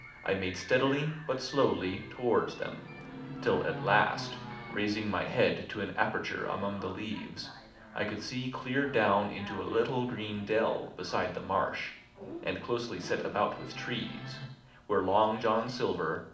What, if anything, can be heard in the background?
A television.